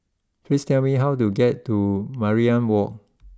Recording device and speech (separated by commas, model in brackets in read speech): close-talking microphone (WH20), read sentence